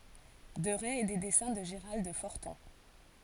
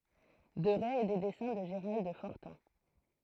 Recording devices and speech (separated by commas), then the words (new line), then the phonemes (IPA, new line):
forehead accelerometer, throat microphone, read sentence
Deret et des dessins de Gerald Forton.
dəʁɛ e de dɛsɛ̃ də ʒəʁald fɔʁtɔ̃